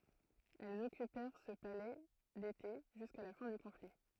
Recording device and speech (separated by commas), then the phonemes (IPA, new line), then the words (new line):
throat microphone, read sentence
ɛlz ɔkypɛʁ sə palɛ dete ʒyska la fɛ̃ dy kɔ̃fli
Elles occupèrent ce palais d'été jusqu'à la fin du conflit.